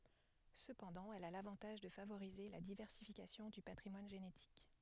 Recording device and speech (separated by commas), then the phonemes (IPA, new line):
headset microphone, read sentence
səpɑ̃dɑ̃ ɛl a lavɑ̃taʒ də favoʁize la divɛʁsifikasjɔ̃ dy patʁimwan ʒenetik